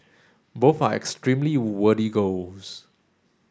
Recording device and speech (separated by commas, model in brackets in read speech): standing microphone (AKG C214), read sentence